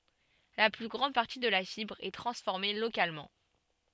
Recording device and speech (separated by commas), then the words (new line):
soft in-ear microphone, read sentence
La plus grande partie de la fibre est transformée localement.